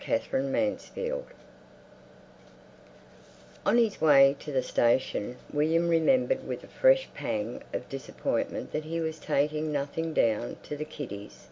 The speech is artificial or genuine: genuine